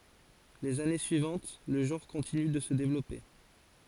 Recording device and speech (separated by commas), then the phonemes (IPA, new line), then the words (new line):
forehead accelerometer, read sentence
lez ane syivɑ̃t lə ʒɑ̃ʁ kɔ̃tiny də sə devlɔpe
Les années suivantes, le genre continue de se développer.